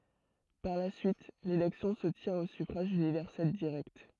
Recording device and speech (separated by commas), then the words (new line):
throat microphone, read sentence
Par la suite, l’élection se tient au suffrage universel direct.